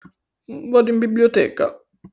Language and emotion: Italian, sad